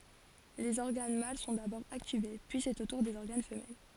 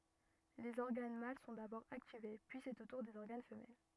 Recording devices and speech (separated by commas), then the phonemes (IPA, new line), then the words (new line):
forehead accelerometer, rigid in-ear microphone, read sentence
lez ɔʁɡan mal sɔ̃ dabɔʁ aktive pyi sɛt o tuʁ dez ɔʁɡan fəmɛl
Les organes mâles sont d'abord activés, puis c'est au tour des organes femelles.